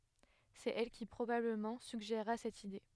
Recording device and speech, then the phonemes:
headset microphone, read sentence
sɛt ɛl ki pʁobabləmɑ̃ syɡʒeʁa sɛt ide

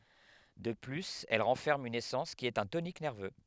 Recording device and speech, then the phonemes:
headset microphone, read sentence
də plyz ɛl ʁɑ̃fɛʁm yn esɑ̃s ki ɛt œ̃ tonik nɛʁvø

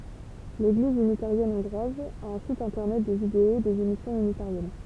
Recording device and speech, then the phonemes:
temple vibration pickup, read sentence
leɡliz ynitaʁjɛn ɔ̃ɡʁwaz a œ̃ sit ɛ̃tɛʁnɛt də video dez emisjɔ̃z ynitaʁjɛn

